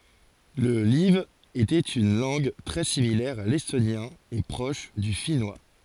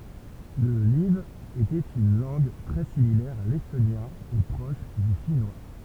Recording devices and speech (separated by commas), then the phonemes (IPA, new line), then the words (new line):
forehead accelerometer, temple vibration pickup, read sentence
lə laiv etɛt yn lɑ̃ɡ tʁɛ similɛʁ a lɛstonjɛ̃ e pʁɔʃ dy finwa
Le live était une langue très similaire à l'estonien et proche du finnois.